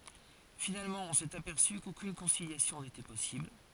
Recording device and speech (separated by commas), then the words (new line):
forehead accelerometer, read sentence
Finalement, on s'est aperçu qu'aucune conciliation n'était possible.